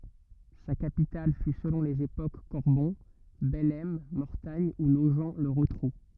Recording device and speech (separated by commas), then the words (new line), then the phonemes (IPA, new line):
rigid in-ear microphone, read sentence
Sa capitale fut selon les époques Corbon, Bellême, Mortagne ou Nogent-le-Rotrou.
sa kapital fy səlɔ̃ lez epok kɔʁbɔ̃ bɛlɛm mɔʁtaɲ u noʒ lə ʁotʁu